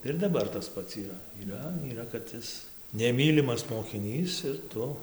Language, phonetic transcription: Lithuanian, tai ir daˈbar tas ˈpats yˈra yˈra yˈra kad ˈis neˈmylimas mokiˈnys ir ˈtu

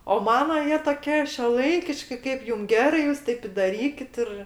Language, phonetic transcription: Lithuanian, o ˈmano ˈjie toˈkie šiuoˈlaikiški ˈkaip ˈjum ˈgerai ˈjūs ˈtaip i daˈrykit ir

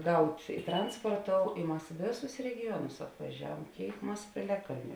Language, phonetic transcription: Lithuanian, ˈgaut' ˈtransporˌtou i ˈmas ˈvėˌsus regiˈjuonus apvaˈžiaˌvuom ˈkėik ˈmas pėˈliaˌkalniu

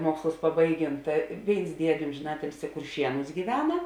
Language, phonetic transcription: Lithuanian, ˈmuokslus paˈbaiˌgėn ˈta ˈvėins ˈdiedė ˈomžėn ˈatilsi kurˈšienus gyˈvena

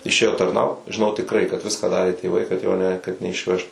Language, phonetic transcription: Lithuanian, išˈėjo tarˈnaut žiˈnau tikˈrai kad ˈviską ˈdarė tėˈvai kad jo ne kad neišˈvežt

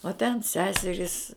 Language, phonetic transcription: Lithuanian, o ten ˈseserys

